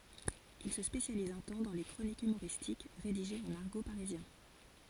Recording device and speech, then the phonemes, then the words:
forehead accelerometer, read sentence
il sə spesjaliz œ̃ tɑ̃ dɑ̃ le kʁonikz ymoʁistik ʁediʒez ɑ̃n aʁɡo paʁizjɛ̃
Il se spécialise un temps dans les chroniques humoristiques rédigées en argot parisien.

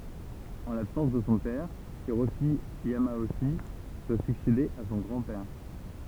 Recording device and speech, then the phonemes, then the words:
temple vibration pickup, read sentence
ɑ̃ labsɑ̃s də sɔ̃ pɛʁ iʁoʃi jamoʃi dwa syksede a sɔ̃ ɡʁɑ̃ pɛʁ
En l'absence de son père, Hiroshi Yamauchi doit succéder à son grand-père.

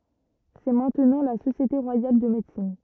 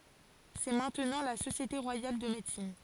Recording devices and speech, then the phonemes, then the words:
rigid in-ear microphone, forehead accelerometer, read sentence
sɛ mɛ̃tnɑ̃ la sosjete ʁwajal də medəsin
C'est maintenant la Société Royale de Médecine.

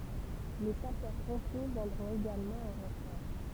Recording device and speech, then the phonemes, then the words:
temple vibration pickup, read sentence
le sapœʁ pɔ̃pje vjɛ̃dʁɔ̃t eɡalmɑ̃ ɑ̃ ʁɑ̃fɔʁ
Les Sapeurs-Pompiers viendront également en renfort.

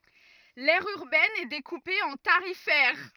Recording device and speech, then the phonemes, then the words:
rigid in-ear microphone, read sentence
lɛʁ yʁbɛn ɛ dekupe ɑ̃ taʁifɛʁ
L'aire urbaine est découpée en tarifaires.

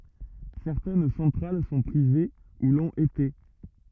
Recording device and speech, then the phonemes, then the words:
rigid in-ear microphone, read sentence
sɛʁtɛn sɑ̃tʁal sɔ̃ pʁive u lɔ̃t ete
Certaines centrales sont privées, ou l’ont été.

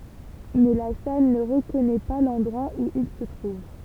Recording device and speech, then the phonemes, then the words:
temple vibration pickup, read sentence
mɛ la sal nə ʁəkɔnɛ pa lɑ̃dʁwa u il sə tʁuv
Mais La Salle ne reconnaît pas l’endroit où il se trouve.

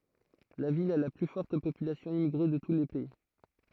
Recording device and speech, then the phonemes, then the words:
throat microphone, read sentence
la vil a la ply fɔʁt popylasjɔ̃ immiɡʁe də tu lə pɛi
La ville a la plus forte population immigrée de tout le pays.

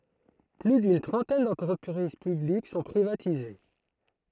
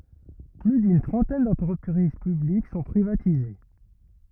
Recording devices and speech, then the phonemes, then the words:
throat microphone, rigid in-ear microphone, read sentence
ply dyn tʁɑ̃tɛn dɑ̃tʁəpʁiz pyblik sɔ̃ pʁivatize
Plus d'une trentaine d'entreprises publiques sont privatisées.

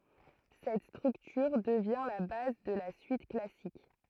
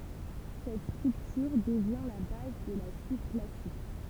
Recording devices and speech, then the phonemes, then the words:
throat microphone, temple vibration pickup, read sentence
sɛt stʁyktyʁ dəvjɛ̃ la baz də la syit klasik
Cette structure devient la base de la suite classique.

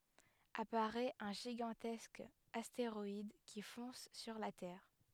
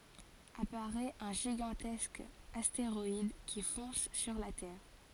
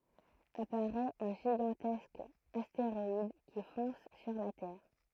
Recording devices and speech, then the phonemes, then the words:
headset microphone, forehead accelerometer, throat microphone, read sentence
apaʁɛt œ̃ ʒiɡɑ̃tɛsk asteʁɔid ki fɔ̃s syʁ la tɛʁ
Apparaît un gigantesque astéroïde qui fonce sur la Terre.

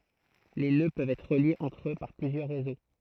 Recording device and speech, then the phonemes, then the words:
throat microphone, read sentence
le nø pøvt ɛtʁ ʁəljez ɑ̃tʁ ø paʁ plyzjœʁ ʁezo
Les nœuds peuvent être reliés entre eux par plusieurs réseaux.

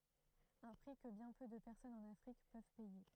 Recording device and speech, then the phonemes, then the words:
throat microphone, read sentence
œ̃ pʁi kə bjɛ̃ pø də pɛʁsɔnz ɑ̃n afʁik pøv pɛje
Un prix que bien peu de personnes en Afrique peuvent payer.

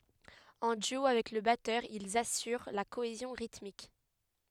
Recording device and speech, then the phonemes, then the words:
headset microphone, read sentence
ɑ̃ dyo avɛk lə batœʁ ilz asyʁ la koezjɔ̃ ʁitmik
En duo avec le batteur, ils assurent la cohésion rythmique.

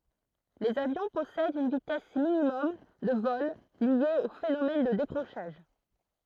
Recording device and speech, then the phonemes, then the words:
throat microphone, read sentence
lez avjɔ̃ pɔsɛdt yn vitɛs minimɔm də vɔl lje o fenomɛn də dekʁoʃaʒ
Les avions possèdent une vitesse minimum de vol liée au phénomène de décrochage.

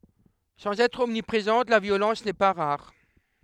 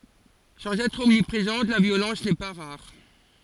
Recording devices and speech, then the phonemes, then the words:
headset microphone, forehead accelerometer, read sentence
sɑ̃z ɛtʁ ɔmnipʁezɑ̃t la vjolɑ̃s nɛ pa ʁaʁ
Sans être omniprésente, la violence n’est pas rare.

